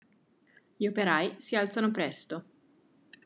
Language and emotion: Italian, neutral